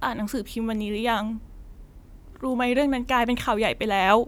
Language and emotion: Thai, sad